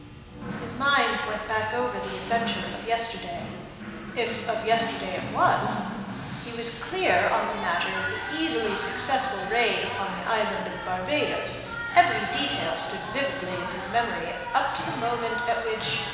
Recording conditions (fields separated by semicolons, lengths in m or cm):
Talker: one person; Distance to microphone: 1.7 m; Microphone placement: close; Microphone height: 1.0 m; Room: very reverberant, large; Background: television